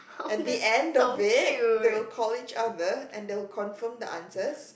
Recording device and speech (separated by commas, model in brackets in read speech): boundary microphone, conversation in the same room